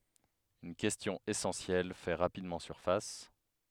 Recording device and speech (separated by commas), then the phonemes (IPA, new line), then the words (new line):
headset microphone, read sentence
yn kɛstjɔ̃ esɑ̃sjɛl fɛ ʁapidmɑ̃ syʁfas
Une question essentielle fait rapidement surface.